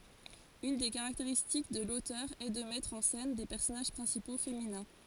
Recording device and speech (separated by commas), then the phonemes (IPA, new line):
forehead accelerometer, read sentence
yn de kaʁakteʁistik də lotœʁ ɛ də mɛtʁ ɑ̃ sɛn de pɛʁsɔnaʒ pʁɛ̃sipo feminɛ̃